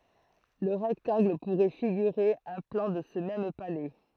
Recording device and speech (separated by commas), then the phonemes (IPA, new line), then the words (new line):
throat microphone, read sentence
lə ʁɛktɑ̃ɡl puʁɛ fiɡyʁe œ̃ plɑ̃ də sə mɛm palɛ
Le rectangle pourrait figurer un plan de ce même palais.